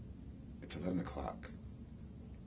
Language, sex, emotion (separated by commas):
English, male, neutral